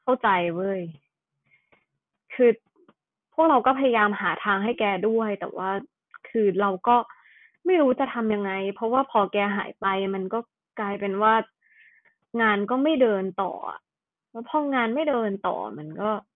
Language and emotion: Thai, frustrated